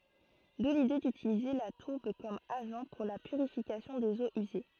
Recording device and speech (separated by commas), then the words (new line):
throat microphone, read sentence
D'où l'idée d'utiliser la tourbe comme agent pour la purification des eaux usées.